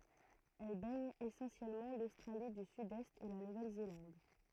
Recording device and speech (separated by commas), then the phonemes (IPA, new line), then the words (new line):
throat microphone, read sentence
ɛl bɛɲ esɑ̃sjɛlmɑ̃ lostʁali dy sydɛst e la nuvɛl zelɑ̃d
Elle baigne essentiellement l'Australie du Sud-Est et la Nouvelle-Zélande.